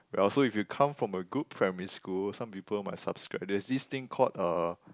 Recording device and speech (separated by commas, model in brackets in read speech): close-talking microphone, conversation in the same room